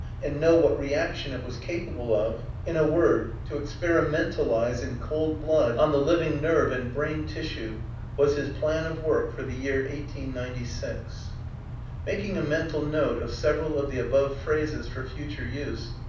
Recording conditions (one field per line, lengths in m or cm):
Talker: one person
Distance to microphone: 5.8 m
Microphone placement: far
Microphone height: 1.8 m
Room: medium-sized (5.7 m by 4.0 m)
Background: none